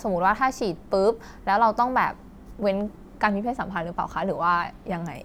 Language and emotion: Thai, neutral